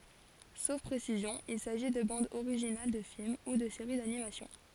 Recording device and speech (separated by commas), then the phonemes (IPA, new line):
forehead accelerometer, read sentence
sof pʁesizjɔ̃ il saʒi də bɑ̃dz oʁiʒinal də film u də seʁi danimasjɔ̃